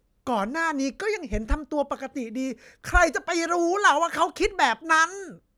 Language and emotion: Thai, frustrated